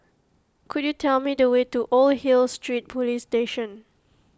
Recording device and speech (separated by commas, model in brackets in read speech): close-talking microphone (WH20), read sentence